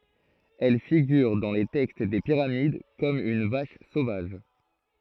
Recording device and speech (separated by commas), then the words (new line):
throat microphone, read sentence
Elle figure dans les textes des pyramides comme une vache sauvage.